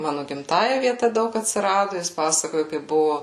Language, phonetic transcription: Lithuanian, ˈmanu gimˈtąja vieˈta ˈdaug atsiˈradu ˈjis ˈpasakoju kaip ˈbuvo

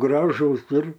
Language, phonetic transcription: Lithuanian, ˈgražus ir

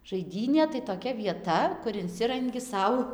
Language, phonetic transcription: Lithuanian, žaiˈdynė tai toˈkia vieˈta kur inˈsirangi ˈsau

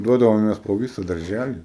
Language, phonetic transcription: Lithuanian, ˈduodavomės po ˈvysa darˈžæli

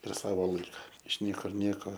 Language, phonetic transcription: Lithuanian, ir ˈsavo ˈlaika iš ˈniekur ˈnieko

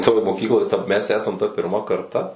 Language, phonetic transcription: Lithuanian, toj moˈkykloj ta mes ˈesam tą pirˈma karˈta

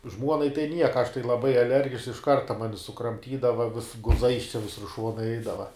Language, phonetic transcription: Lithuanian, ˈžmuonai tai ˈnieka aš tai laˈbai aˈlergišks iš ˈkarta ˈmani sukramˈtydava vis guˈzais ˈvisur ˈšuonai ˈeidava

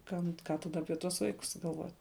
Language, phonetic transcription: Lithuanian, ˈkam ˈką taˈda ˈapie tuos ˈvaikus galˈvot'

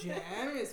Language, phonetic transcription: Lithuanian, ˈžemės

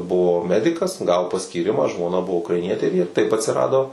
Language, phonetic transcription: Lithuanian, ˈbuvo ˈmedikas ˈgavo paskyˈrimą žmoˈna ˈbuvo ukraiˈnietė ir jie taip atsiˈrado

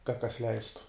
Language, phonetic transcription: Lithuanian, kad kas ˈleistu

